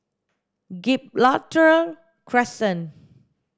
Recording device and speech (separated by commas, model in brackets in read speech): standing microphone (AKG C214), read sentence